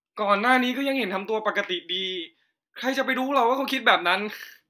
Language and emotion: Thai, frustrated